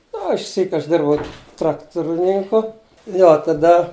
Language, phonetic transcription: Lithuanian, nu o išˈsyk aš ˈdirbau ˈtrakturininku nu o taˈda

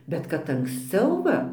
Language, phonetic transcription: Lithuanian, bet kad anksˈciau ˈva

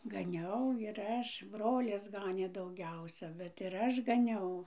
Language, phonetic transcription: Lithuanian, gaˈniau ir ˈaš ˈbrolis ˈganė dauˈgiausia ˈbet ir ˈaš gaˈniau

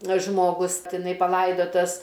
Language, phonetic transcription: Lithuanian, žmoˈgus tiˈnai paˈlaidotas

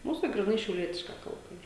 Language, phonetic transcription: Lithuanian, ˈmūs tai gryˈnai šiauˈlietiška ˈkalba ˈyr

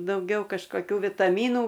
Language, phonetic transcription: Lithuanian, dauˈgiau kažkoˈkių vitaˈmynų

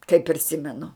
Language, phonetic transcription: Lithuanian, kai priˈsimenu

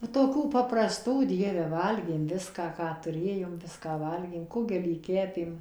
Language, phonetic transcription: Lithuanian, va toˈkių papraˈstų ˈdieve ˈvalgėm ˈviską ˈką tuˈrėjom ˈviską ˈvalgėm ˈkugelį ˈkepėm

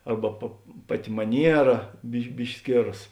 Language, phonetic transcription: Lithuanian, ˈarba pa ˈpaˌti maˈniera biš ˈbiški ˈskėras

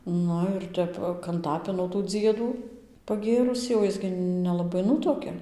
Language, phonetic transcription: Lithuanian, ˈnu ir ˈtep kanˈtapino tų ˈdziedų paˈgėrusį o ˈjis gi nelaˈbai ˈnutuokia

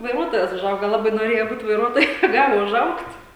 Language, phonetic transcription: Lithuanian, vaiˈruotojas uˈžauga ˈlabai noˈrėja ˈbūt vaiˈruotoju neˈgali uˈžaugt'

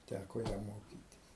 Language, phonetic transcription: Lithuanian, ˈtæko ˈjam ˈmokytis

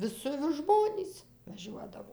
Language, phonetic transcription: Lithuanian, ˈvisi vis ˈžmonys vaˈžiuodavo

